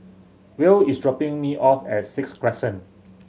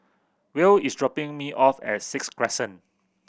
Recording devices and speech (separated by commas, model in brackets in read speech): mobile phone (Samsung C7100), boundary microphone (BM630), read sentence